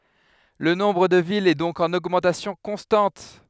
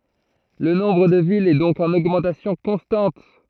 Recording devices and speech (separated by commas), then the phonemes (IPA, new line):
headset microphone, throat microphone, read sentence
lə nɔ̃bʁ də vilz ɛ dɔ̃k ɑ̃n oɡmɑ̃tasjɔ̃ kɔ̃stɑ̃t